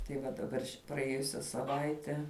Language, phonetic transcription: Lithuanian, tai ˈva daˈbar ši praˈėjusia saˈvaite

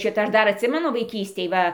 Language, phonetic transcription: Lithuanian, ˈšita ˈaš ˈdar atˈsimenu vaiˈkystėj ˈva

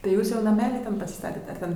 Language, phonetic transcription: Lithuanian, tai ˈjūs jau naˈmeli ˈten pasiˈstatet ar ˈten

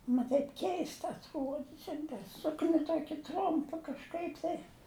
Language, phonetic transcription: Lithuanian, ˈma taip ˈkeista atˈruodi ˈšiandi ˈsukni ˈtuoki ˈtrumpa kažˈkaip tai

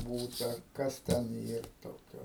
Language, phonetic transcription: Lithuanian, ˈbūta ˈkas ten ˈyr ˈtokio

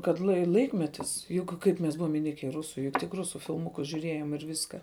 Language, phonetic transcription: Lithuanian, kad lai ˈlaikmetis juk ˈkaip mes ˈbuvom iˈnike i ˈrusu juk tik ˈrusu filˈmukus žiuˈrėjom ir ˈviska

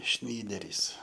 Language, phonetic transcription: Lithuanian, ˈšnyderys

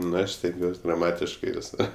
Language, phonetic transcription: Lithuanian, nu ˈaš stenˈgiuos' graˈmatiškai viˈsor

